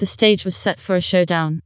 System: TTS, vocoder